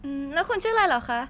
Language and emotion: Thai, neutral